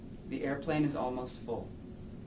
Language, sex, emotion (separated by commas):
English, male, neutral